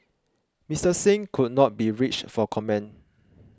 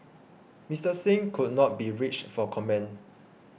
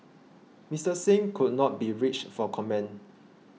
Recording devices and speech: close-talking microphone (WH20), boundary microphone (BM630), mobile phone (iPhone 6), read sentence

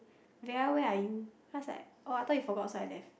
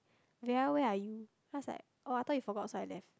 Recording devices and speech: boundary microphone, close-talking microphone, conversation in the same room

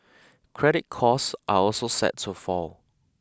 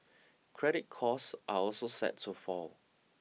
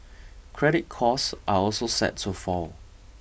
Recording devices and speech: close-talking microphone (WH20), mobile phone (iPhone 6), boundary microphone (BM630), read sentence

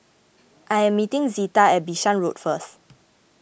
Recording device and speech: boundary microphone (BM630), read sentence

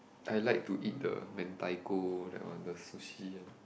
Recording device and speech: boundary microphone, conversation in the same room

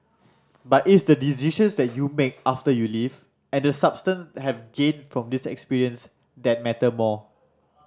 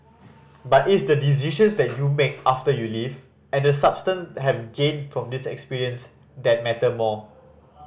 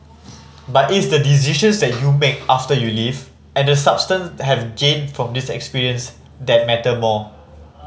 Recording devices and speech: standing microphone (AKG C214), boundary microphone (BM630), mobile phone (Samsung C5010), read sentence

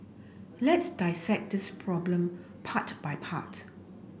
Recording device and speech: boundary microphone (BM630), read sentence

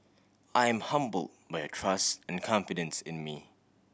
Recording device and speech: boundary microphone (BM630), read sentence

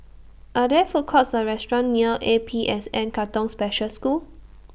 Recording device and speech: boundary microphone (BM630), read sentence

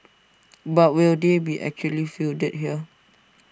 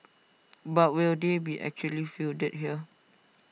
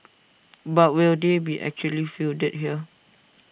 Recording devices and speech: standing microphone (AKG C214), mobile phone (iPhone 6), boundary microphone (BM630), read sentence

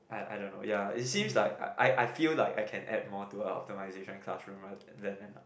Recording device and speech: boundary microphone, conversation in the same room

